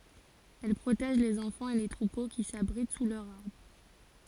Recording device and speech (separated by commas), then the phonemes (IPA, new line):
forehead accelerometer, read sentence
ɛl pʁotɛʒ lez ɑ̃fɑ̃z e le tʁupo ki sabʁit su lœʁz aʁbʁ